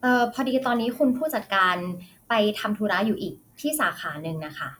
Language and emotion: Thai, neutral